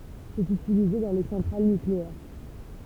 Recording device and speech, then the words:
temple vibration pickup, read sentence
C'est utilisé dans les centrales nucléaires.

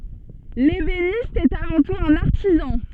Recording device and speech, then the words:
soft in-ear microphone, read sentence
L'ébéniste est avant tout un artisan.

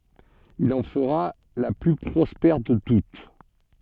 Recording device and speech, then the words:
soft in-ear microphone, read sentence
Il en fera la plus prospère de toutes.

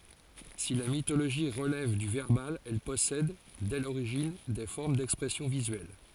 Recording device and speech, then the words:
forehead accelerometer, read sentence
Si la mythologie relève du verbal, elle possède, dès l'origine, des formes d'expression visuelle.

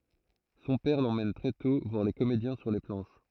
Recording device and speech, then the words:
throat microphone, read sentence
Son père l'emmène très tôt voir les comédiens sur les planches.

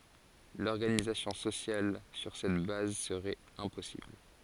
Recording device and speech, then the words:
forehead accelerometer, read sentence
L'organisation sociale sur cette base serait impossible.

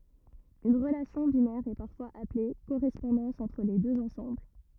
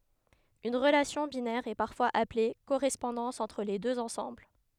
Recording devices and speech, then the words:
rigid in-ear microphone, headset microphone, read sentence
Une relation binaire est parfois appelée correspondance entre les deux ensembles.

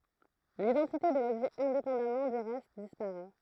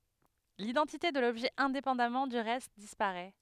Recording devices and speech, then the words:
throat microphone, headset microphone, read sentence
L'identité de l'objet indépendamment du reste disparaît.

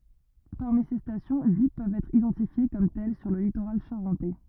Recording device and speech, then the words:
rigid in-ear microphone, read sentence
Parmi ces stations, huit peuvent être identifiées comme telles sur le littoral charentais.

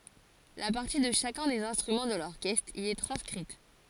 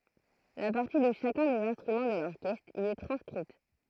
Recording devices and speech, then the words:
forehead accelerometer, throat microphone, read sentence
La partie de chacun des instruments de l'orchestre y est transcrite.

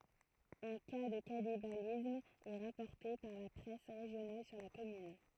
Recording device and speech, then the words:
throat microphone, read sentence
Un cas de cannibalisme est rapporté par la presse régionale sur la commune.

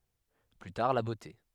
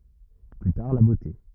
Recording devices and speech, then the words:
headset microphone, rigid in-ear microphone, read sentence
Plus tard, la beauté.

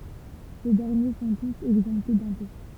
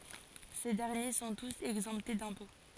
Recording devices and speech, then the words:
temple vibration pickup, forehead accelerometer, read sentence
Ces derniers sont tous exemptés d'impôts.

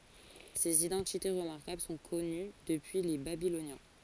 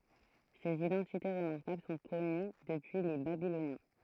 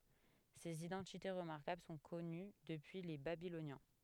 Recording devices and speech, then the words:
forehead accelerometer, throat microphone, headset microphone, read sentence
Ces identités remarquables sont connues depuis les Babyloniens.

